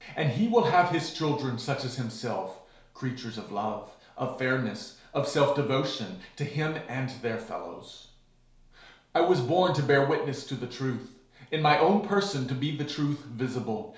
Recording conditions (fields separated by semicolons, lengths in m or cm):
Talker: one person; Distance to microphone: 1.0 m; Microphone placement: close; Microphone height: 1.1 m; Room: small (3.7 m by 2.7 m); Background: none